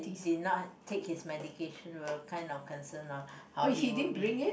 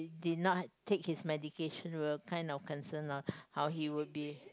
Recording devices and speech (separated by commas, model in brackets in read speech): boundary microphone, close-talking microphone, conversation in the same room